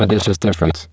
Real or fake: fake